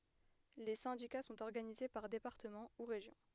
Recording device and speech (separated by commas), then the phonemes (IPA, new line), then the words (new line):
headset microphone, read sentence
le sɛ̃dika sɔ̃t ɔʁɡanize paʁ depaʁtəmɑ̃ u ʁeʒjɔ̃
Les syndicats sont organisés par départements ou régions.